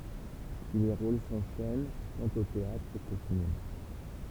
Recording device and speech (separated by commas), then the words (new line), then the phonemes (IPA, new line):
temple vibration pickup, read sentence
Puis les rôles s'enchaînent tant au théâtre qu'au cinéma.
pyi le ʁol sɑ̃ʃɛn tɑ̃t o teatʁ ko sinema